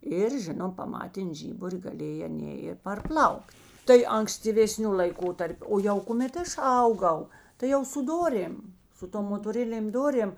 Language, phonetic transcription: Lithuanian, ˈir ˈžinom paˈmatėn ˈžyburi gaˈlėj aˈnė i parˈplaukt tai ankstyvėˈsniu laiˈkotarpiu ˈo jau kuˈmėt ˈaš ˈauˌgau tai ˈjau su ˈdorėm su ˈtom motoˈrinėm ˈdorėm

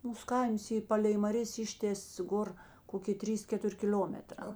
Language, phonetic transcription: Lithuanian, ˈmūs ˈkaims ˈy ˈpalei maˈrės ˈištės ˈgor ˈkokė ˈtrys ˈketur' kiˈliometrā

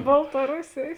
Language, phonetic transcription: Lithuanian, baltaˈrusėjės

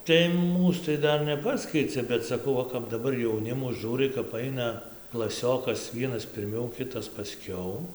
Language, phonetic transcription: Lithuanian, tai ˈmūs tai ˈdar neˈpaskeicia bet saˈkau ˈva kap daˈbar jauˈnimu ˈžiūrai kap ˈaina klaˈsiokas ˈvienas pirˈmiau ˈkitas paˈskiau

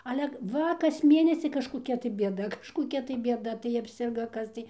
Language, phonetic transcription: Lithuanian, ale ˈva kas ˈmėnesi kažkoˈkia tai bieˈda kažkoˈkia tai bėˈda tai apˈsirgo ˈkas tai

